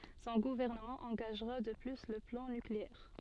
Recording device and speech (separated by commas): soft in-ear microphone, read sentence